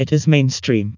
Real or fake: fake